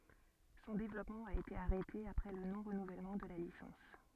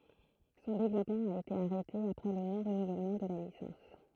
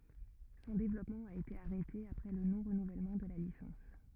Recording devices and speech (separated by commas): soft in-ear microphone, throat microphone, rigid in-ear microphone, read sentence